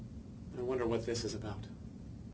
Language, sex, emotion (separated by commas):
English, male, fearful